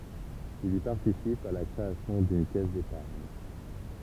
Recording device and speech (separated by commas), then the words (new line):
temple vibration pickup, read sentence
Il y participe à la création d'une caisse d'épargne.